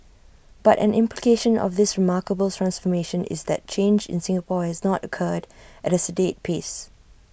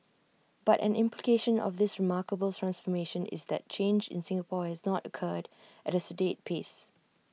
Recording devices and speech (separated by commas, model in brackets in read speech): boundary microphone (BM630), mobile phone (iPhone 6), read sentence